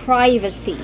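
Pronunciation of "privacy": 'Privacy' is said with the American pronunciation.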